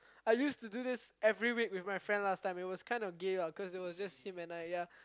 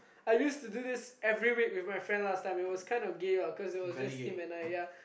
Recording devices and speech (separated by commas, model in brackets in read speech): close-talking microphone, boundary microphone, conversation in the same room